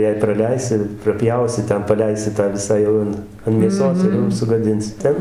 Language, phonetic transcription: Lithuanian, jei praˈleisi praˈpjausi ˈten paˈleisi tą ˈvisą ˈjau an an mėˈsos ir ˈjau sugaˈdinsi ˈten

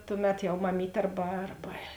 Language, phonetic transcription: Lithuanian, ˈtuˌmet jau maˈmyt' ˈarba ˈarba

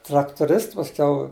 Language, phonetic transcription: Lithuanian, traktuˈrists paˈskiau

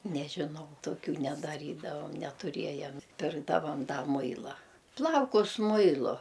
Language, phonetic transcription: Lithuanian, nežiˈnau toˈkių nedaˈrydavam netuˈriejam ˈpirkdavam ˈda ˈmuila ˈplaukus ˈmuilu

